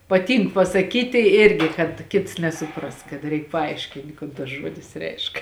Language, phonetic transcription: Lithuanian, paˈtynk pasaˈkyti ˈirgi kad ˈkits nesuˈpras kad ˈreik paˈaiškint' ˈkon tas ˈžuodis ˈreišk

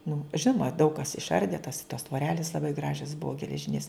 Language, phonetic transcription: Lithuanian, nu ˈžinoma daug kas išˈardė tas tos tvoˈrelis laˈbai ˈgražias ˈbua geleˈžinės

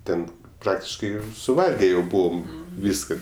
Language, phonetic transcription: Lithuanian, ˈten ˈpraktiškai suˈvalge jau ˈbūvom ˈvyska

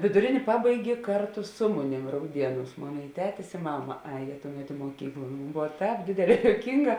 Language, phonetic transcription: Lithuanian, viduˈrėnė ˈpabaigė ˈkartu ˈsu muˌnėm rauˈdieˌnūs ˈmon i ˈtetis i ˈmama ˈajė ˈtuˌmet i muoˈkykl ˈbov ˈtēp ˈdėdėˌlē jouˈkynˌgā

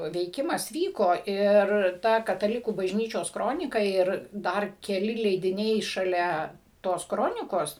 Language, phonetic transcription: Lithuanian, veiˈkimas ˈvyko ˈir ˈta kataˈlikų bažˈnyčios ˈkronika ˈir ˈdar keˈli leidiˈniai šaˈlia ˈtos ˈkronikos

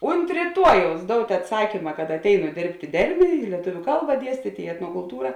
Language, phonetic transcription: Lithuanian, unt ryˈtuojaus ˈdout' atˈsakyma kad atˈeinu ˈdėrbt' i ˈdermė i lieˈtuviu ˈkalba ˈdiestyt' i etnokulˈtūra

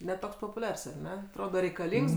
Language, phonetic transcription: Lithuanian, ne ˈtoks popuˈliars ar ˈne atˈroda reikaˈlyngs

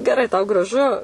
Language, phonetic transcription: Lithuanian, geˈrai tau graˈžu

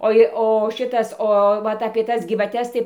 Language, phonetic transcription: Lithuanian, ˈoi o ˈšitas o ˈvat apie ˈtas gyvaˈtes tai

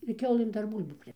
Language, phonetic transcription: Lithuanian, ir ˈkiaulɘm ˈdar ˈbūl'bų ˈpri

